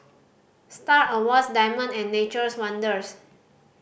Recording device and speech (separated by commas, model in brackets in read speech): boundary microphone (BM630), read sentence